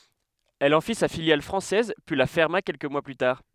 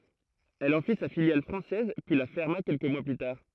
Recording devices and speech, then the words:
headset microphone, throat microphone, read sentence
Elle en fit sa filiale française, puis la ferma quelques mois plus tard.

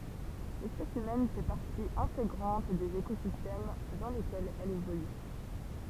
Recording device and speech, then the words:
temple vibration pickup, read sentence
L'espèce humaine fait partie intégrante des écosystèmes dans lesquels elle évolue.

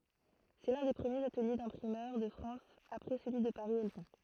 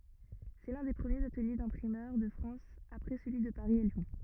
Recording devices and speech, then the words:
throat microphone, rigid in-ear microphone, read sentence
C'est l'un des premiers ateliers d'imprimeurs de France après celui de Paris et Lyon.

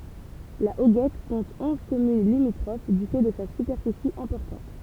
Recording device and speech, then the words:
temple vibration pickup, read sentence
La Hoguette compte onze communes limitrophes du fait de sa superficie importante.

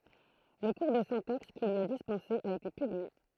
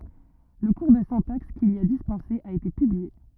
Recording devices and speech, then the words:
throat microphone, rigid in-ear microphone, read sentence
Le cours de syntaxe qu'il y a dispensé a été publié.

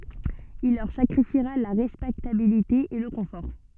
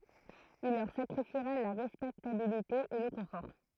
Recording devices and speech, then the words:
soft in-ear microphone, throat microphone, read sentence
Il leur sacrifiera la respectabilité et le confort.

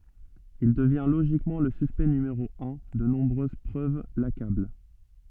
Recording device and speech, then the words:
soft in-ear microphone, read sentence
Il devient logiquement le suspect numéro un, de nombreuses preuves l'accablent.

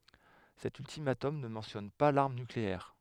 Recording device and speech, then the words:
headset microphone, read sentence
Cet ultimatum ne mentionne pas l'arme nucléaire.

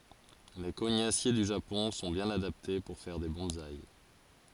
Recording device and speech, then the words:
forehead accelerometer, read sentence
Les cognassiers du Japon sont bien adaptés pour faire des bonsaï.

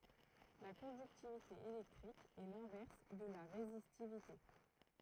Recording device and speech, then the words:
throat microphone, read sentence
La conductivité électrique est l'inverse de la résistivité.

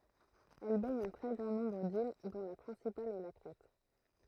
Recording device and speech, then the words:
throat microphone, read sentence
Elle baigne un très grand nombre d’îles dont la principale est la Crète.

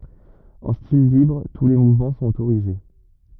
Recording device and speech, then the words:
rigid in-ear microphone, read sentence
En style libre, tous les mouvements sont autorisés.

